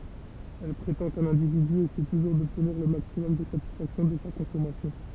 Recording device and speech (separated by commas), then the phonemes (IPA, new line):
temple vibration pickup, read sentence
ɛl pʁetɑ̃ kœ̃n ɛ̃dividy esɛ tuʒuʁ dɔbtniʁ lə maksimɔm də satisfaksjɔ̃ də sa kɔ̃sɔmasjɔ̃